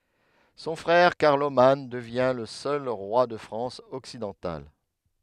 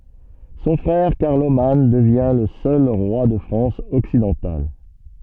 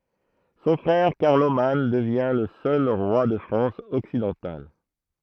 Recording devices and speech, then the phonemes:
headset microphone, soft in-ear microphone, throat microphone, read sentence
sɔ̃ fʁɛʁ kaʁloman dəvjɛ̃ lə sœl ʁwa də fʁɑ̃s ɔksidɑ̃tal

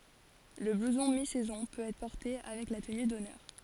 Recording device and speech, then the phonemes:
forehead accelerometer, read sentence
lə bluzɔ̃ mi sɛzɔ̃ pøt ɛtʁ pɔʁte avɛk la təny dɔnœʁ

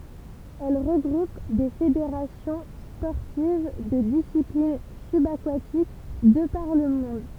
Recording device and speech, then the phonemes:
temple vibration pickup, read sentence
ɛl ʁəɡʁup de fedeʁasjɔ̃ spɔʁtiv də disiplin sybakatik də paʁ lə mɔ̃d

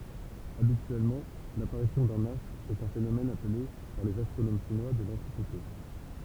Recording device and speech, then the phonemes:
temple vibration pickup, read sentence
abityɛlmɑ̃ lapaʁisjɔ̃ dœ̃n astʁ ɛt œ̃ fenomɛn aple paʁ lez astʁonom ʃinwa də lɑ̃tikite

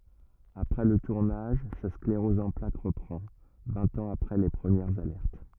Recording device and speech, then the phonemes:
rigid in-ear microphone, read sentence
apʁɛ lə tuʁnaʒ sa skleʁɔz ɑ̃ plak ʁəpʁɑ̃ vɛ̃t ɑ̃z apʁɛ le pʁəmjɛʁz alɛʁt

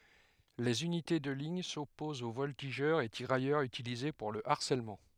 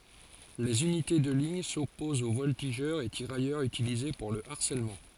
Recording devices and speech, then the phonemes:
headset microphone, forehead accelerometer, read sentence
lez ynite də liɲ sɔpozt o vɔltiʒœʁz e tiʁajœʁz ytilize puʁ lə aʁsɛlmɑ̃

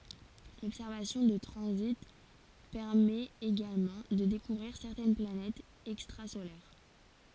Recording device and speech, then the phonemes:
forehead accelerometer, read sentence
lɔbsɛʁvasjɔ̃ də tʁɑ̃zit pɛʁmɛt eɡalmɑ̃ də dekuvʁiʁ sɛʁtɛn planɛtz ɛkstʁazolɛʁ

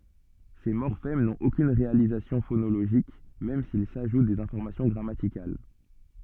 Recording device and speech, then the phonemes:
soft in-ear microphone, read sentence
se mɔʁfɛm nɔ̃t okyn ʁealizasjɔ̃ fonoloʒik mɛm silz aʒut dez ɛ̃fɔʁmasjɔ̃ ɡʁamatikal

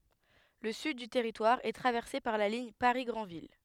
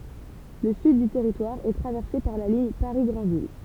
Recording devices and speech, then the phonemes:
headset microphone, temple vibration pickup, read sentence
lə syd dy tɛʁitwaʁ ɛ tʁavɛʁse paʁ la liɲ paʁi ɡʁɑ̃vil

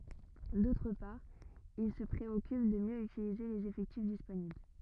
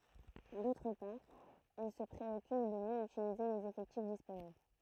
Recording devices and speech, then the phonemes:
rigid in-ear microphone, throat microphone, read sentence
dotʁ paʁ il sə pʁeɔkyp də mjø ytilize lez efɛktif disponibl

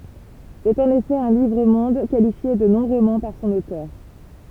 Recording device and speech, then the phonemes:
temple vibration pickup, read sentence
sɛt ɑ̃n efɛ œ̃ livʁ mɔ̃d kalifje də nɔ̃ ʁomɑ̃ paʁ sɔ̃n otœʁ

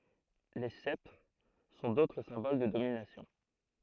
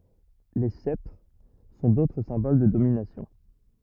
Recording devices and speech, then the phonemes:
throat microphone, rigid in-ear microphone, read sentence
le sɛptʁ sɔ̃ dotʁ sɛ̃bol də dominasjɔ̃

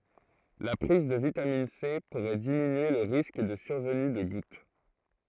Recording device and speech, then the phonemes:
throat microphone, read sentence
la pʁiz də vitamin se puʁɛ diminye lə ʁisk də syʁvəny də ɡut

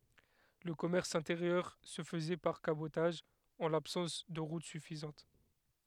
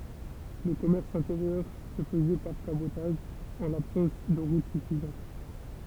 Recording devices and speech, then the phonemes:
headset microphone, temple vibration pickup, read sentence
lə kɔmɛʁs ɛ̃teʁjœʁ sə fəzɛ paʁ kabotaʒ ɑ̃ labsɑ̃s də ʁut syfizɑ̃t

